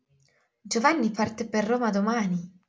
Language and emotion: Italian, surprised